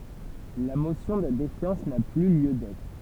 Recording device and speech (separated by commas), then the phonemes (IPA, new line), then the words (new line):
temple vibration pickup, read sentence
la mosjɔ̃ də defjɑ̃s na ply ljø dɛtʁ
La motion de défiance n'a plus lieu d'être.